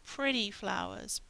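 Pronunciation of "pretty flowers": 'Pretty flowers' is said the American English way: the t in 'pretty' is a flap T and sounds like a D.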